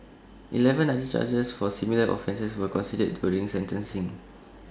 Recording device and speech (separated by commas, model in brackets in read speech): standing microphone (AKG C214), read sentence